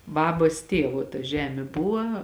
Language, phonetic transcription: Lithuanian, ˈbabas ˈtėvo ta ˈžemė ˈbuva

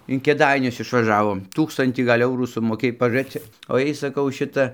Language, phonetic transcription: Lithuanian, in kėˈdainius išvaˈžavom ˈtūkstantį ˈgal' ˈeurų sumoˈkėj pažuˈrėc cik o ˈjei saˈkau ˈšita

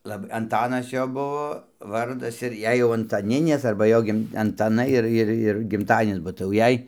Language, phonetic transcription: Lithuanian, ˈlab anˈtanas ˈjo buo ˈvardas ir ˈjei jau antaˈninės arba ˈjo ˈgim antaˈnai ˈir ˈir ir gimˈtadienis ba tai jau ˈjei

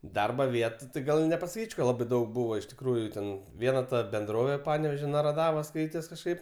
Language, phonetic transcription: Lithuanian, ˈdarba ˈvietu tai ˈgal i nepasaˈkyč' ka ˈlabai ˈdaug ˈbūva iš tikˈrųjų ˈten ˈviena ta benˈdrovė ˈpanevėžio naraˈdavos ˈskaites kažˈkaip

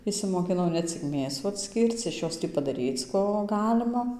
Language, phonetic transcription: Lithuanian, išsimokiˈnau ne ˈcik ˈmėsų atˈskyrc iš ˈjos ˈtį padaˈryc ˈko ˈgalima

